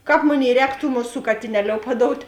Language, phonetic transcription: Lithuanian, ˈkāp ˈmoˌnėi ˈrēk tų ˈmuˌsų katiˈneˌliou paˈdout'

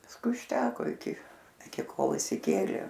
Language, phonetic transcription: Lithuanian, pasˈkui užˈteko iˈki iˈki ˈkol išsiˈkėlė

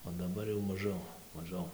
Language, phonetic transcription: Lithuanian, o daˈbar jau maˈžiau maˈžiau

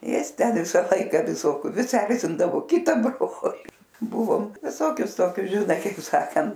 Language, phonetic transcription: Lithuanian, ˈjis ˈten ˈvisa ˈlaika viˈsokiu ˈvis ˈerzindavo ˈkita ˈbroli ˈbuvom viˈsokius ˈtokius žiˈnai kaip ˈsakant

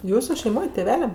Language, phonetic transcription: Lithuanian, ˈjūsu šeiˈmoj tėˈveliam

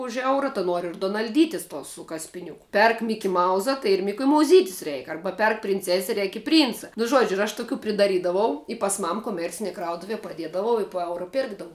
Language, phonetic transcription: Lithuanian, už ˈeura ta ˈnuor ir dunal'ˈdytis tos su kaspiˈniuku ˈperk mikiˈmauza tai ir mikiumauˈzytis ˈreik ˈarba ˈperk prinˈcese ˈreik i prˈynca nu ˈžuodžiu ir aš tuˈkių pridaˈrydavau i pas ˈmam koˈmercinie ˈkrautuvie paˈdiedavau i po ˈeura ˈpėrkdavu

